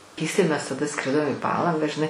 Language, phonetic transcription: Lithuanian, keisˈtai mes taˈda ˈskridom į ˈpalangą žiˈnai

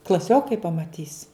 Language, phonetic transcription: Lithuanian, klaˈsiokai pamaˈtys

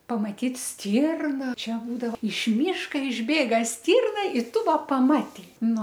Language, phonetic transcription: Lithuanian, pamaˈtyt ˈstyrna ˈčia būdavo iš ˈmyška išˈbėga ˈstyrna i ˈtu ˈva paˈmatei ˈnu

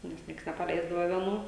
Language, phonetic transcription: Lithuanian, nes ˈnieks nepaˈleisdava vieˈnų

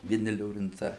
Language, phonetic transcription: Lithuanian, vieˈni liorinˈcai

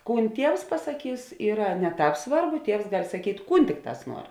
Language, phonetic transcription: Lithuanian, ˈkūn ˈtievs pasaˈkys ˈyra ne ˈtāp ˈsvarˌbu ˈtievs gal' saˈkyt' ˈkūn ˈtikˌtās ˈnuor

